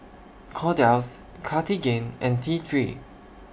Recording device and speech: boundary microphone (BM630), read sentence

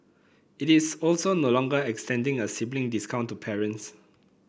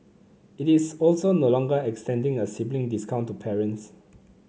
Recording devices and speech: boundary microphone (BM630), mobile phone (Samsung C9), read sentence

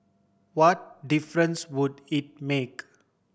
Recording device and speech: boundary microphone (BM630), read sentence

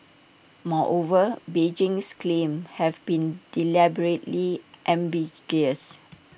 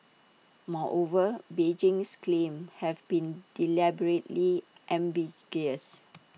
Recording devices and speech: boundary microphone (BM630), mobile phone (iPhone 6), read sentence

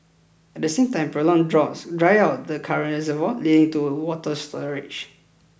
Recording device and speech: boundary microphone (BM630), read sentence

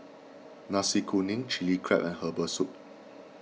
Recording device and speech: mobile phone (iPhone 6), read sentence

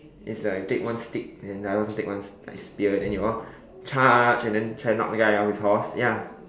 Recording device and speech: standing microphone, conversation in separate rooms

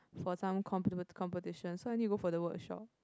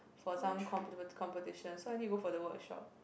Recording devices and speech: close-talking microphone, boundary microphone, conversation in the same room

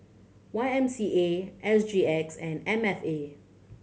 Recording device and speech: mobile phone (Samsung C7100), read sentence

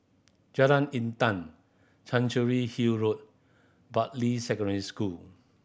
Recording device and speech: boundary microphone (BM630), read sentence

